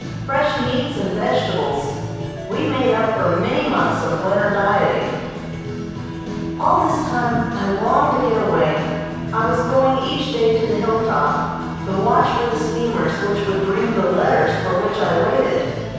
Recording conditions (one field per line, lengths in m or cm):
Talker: one person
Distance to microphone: 7.1 m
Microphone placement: far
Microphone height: 1.7 m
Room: very reverberant, large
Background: music